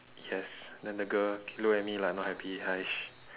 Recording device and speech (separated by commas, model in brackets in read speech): telephone, conversation in separate rooms